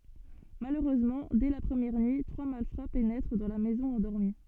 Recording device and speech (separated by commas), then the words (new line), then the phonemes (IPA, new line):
soft in-ear microphone, read sentence
Malheureusement, dès la première nuit, trois malfrats pénètrent dans la maison endormie.
maløʁøzmɑ̃ dɛ la pʁəmjɛʁ nyi tʁwa malfʁa penɛtʁ dɑ̃ la mɛzɔ̃ ɑ̃dɔʁmi